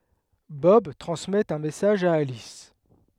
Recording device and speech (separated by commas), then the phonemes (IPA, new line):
headset microphone, read sentence
bɔb tʁɑ̃smɛt œ̃ mɛsaʒ a alis